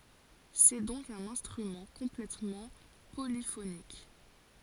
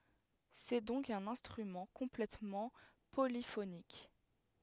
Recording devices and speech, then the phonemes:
forehead accelerometer, headset microphone, read sentence
sɛ dɔ̃k œ̃n ɛ̃stʁymɑ̃ kɔ̃plɛtmɑ̃ polifonik

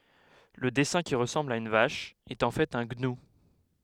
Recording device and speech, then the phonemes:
headset microphone, read sentence
lə dɛsɛ̃ ki ʁəsɑ̃bl a yn vaʃ ɛt ɑ̃ fɛt œ̃ ɡnu

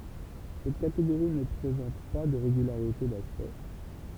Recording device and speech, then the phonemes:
temple vibration pickup, read sentence
sɛt kateɡoʁi nə pʁezɑ̃t pa də ʁeɡylaʁite daspɛkt

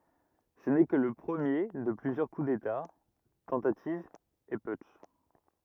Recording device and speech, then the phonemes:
rigid in-ear microphone, read sentence
sə nɛ kə lə pʁəmje də plyzjœʁ ku deta tɑ̃tativz e putʃ

